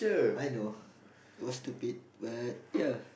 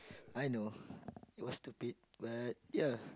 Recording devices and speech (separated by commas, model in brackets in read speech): boundary microphone, close-talking microphone, conversation in the same room